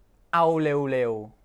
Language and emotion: Thai, frustrated